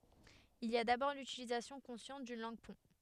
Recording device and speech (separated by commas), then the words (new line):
headset microphone, read sentence
Il y a d'abord l'utilisation consciente d'une langue-pont.